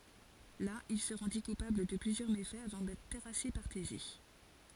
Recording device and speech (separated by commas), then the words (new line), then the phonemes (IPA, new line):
forehead accelerometer, read sentence
Là, il se rendit coupable de plusieurs méfaits, avant d'être terrassé par Thésée.
la il sə ʁɑ̃di kupabl də plyzjœʁ mefɛz avɑ̃ dɛtʁ tɛʁase paʁ teze